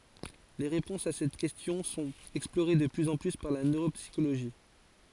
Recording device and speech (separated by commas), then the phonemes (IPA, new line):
forehead accelerometer, read sentence
le ʁepɔ̃sz a sɛt kɛstjɔ̃ sɔ̃t ɛksploʁe də plyz ɑ̃ ply paʁ la nøʁopsikoloʒi